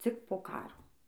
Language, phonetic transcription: Lithuanian, ˈcik po ˈkaro

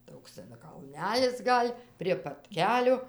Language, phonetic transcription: Lithuanian, ˈtoks ten kalˈnælis ˈgal' prie pat ˈkelio

